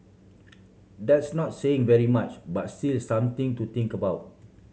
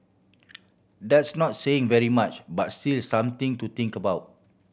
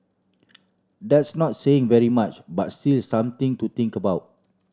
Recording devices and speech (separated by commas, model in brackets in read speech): mobile phone (Samsung C7100), boundary microphone (BM630), standing microphone (AKG C214), read sentence